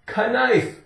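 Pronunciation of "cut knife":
'Knife' is pronounced incorrectly here.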